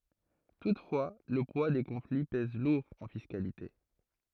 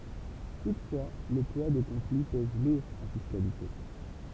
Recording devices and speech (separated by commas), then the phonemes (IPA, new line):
throat microphone, temple vibration pickup, read sentence
tutfwa lə pwa de kɔ̃fli pɛz luʁ ɑ̃ fiskalite